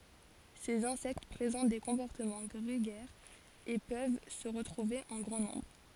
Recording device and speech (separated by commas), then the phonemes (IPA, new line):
forehead accelerometer, read sentence
sez ɛ̃sɛkt pʁezɑ̃t de kɔ̃pɔʁtəmɑ̃ ɡʁeɡɛʁz e pøv sə ʁətʁuve ɑ̃ ɡʁɑ̃ nɔ̃bʁ